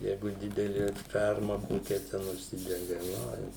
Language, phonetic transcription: Lithuanian, ˈjeigu ˈdideli ˈferma ˈkokia ten užˈsidega ˈoi

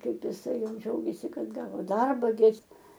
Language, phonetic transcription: Lithuanian, ˈkaip iˈsai ˈjau ˈdžiaugėsi ˈkad ˈgavo ˈdarba gi ˈis

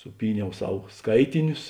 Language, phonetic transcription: Lithuanian, suˈpyˌniau ˈsav ˈskaitinius

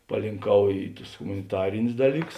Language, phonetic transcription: Lithuanian, palinˈkau ˈy ˈtus humaniˈtarinius ˈdalyˌkus

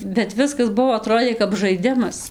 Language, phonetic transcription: Lithuanian, bet ˈviskas ˈbuo aˈtrodė kap žaiˈdimas

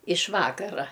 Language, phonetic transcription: Lithuanian, iš ˈvakara

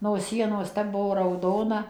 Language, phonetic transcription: Lithuanian, no ˈsienos ˈtep ˈbuvo rauˈdona

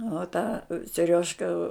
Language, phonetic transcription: Lithuanian, o ˈtą seˈriožka

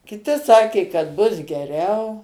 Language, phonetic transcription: Lithuanian, kiˈti ˈsakė kad ˈbus geˈriau

